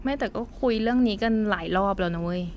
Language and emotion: Thai, frustrated